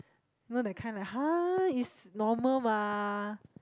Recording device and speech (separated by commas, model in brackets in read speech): close-talking microphone, conversation in the same room